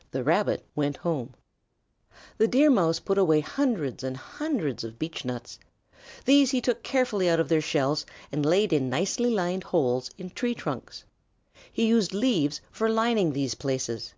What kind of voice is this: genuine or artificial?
genuine